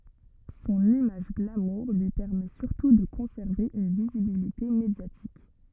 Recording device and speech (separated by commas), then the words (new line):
rigid in-ear microphone, read sentence
Son image glamour lui permet surtout de conserver une visibilité médiatique.